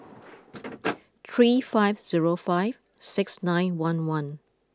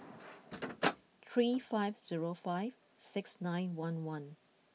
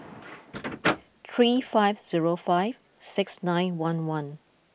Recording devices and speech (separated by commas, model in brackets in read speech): close-talking microphone (WH20), mobile phone (iPhone 6), boundary microphone (BM630), read sentence